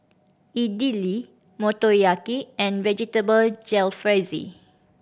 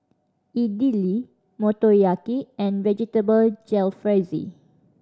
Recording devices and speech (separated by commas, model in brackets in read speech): boundary microphone (BM630), standing microphone (AKG C214), read sentence